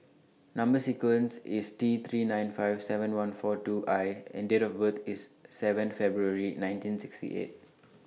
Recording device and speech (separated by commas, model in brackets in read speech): mobile phone (iPhone 6), read sentence